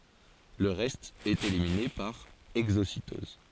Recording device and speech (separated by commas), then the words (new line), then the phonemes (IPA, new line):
forehead accelerometer, read sentence
Le reste est éliminé par exocytose.
lə ʁɛst ɛt elimine paʁ ɛɡzositɔz